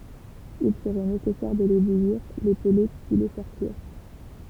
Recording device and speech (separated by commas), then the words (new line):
temple vibration pickup, read sentence
Il serait nécessaire de les bouillir, les peler puis les faire cuire.